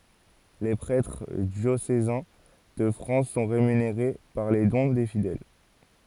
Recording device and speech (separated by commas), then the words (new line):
forehead accelerometer, read sentence
Les prêtres diocésains de France sont rémunérés par les dons des fidèles.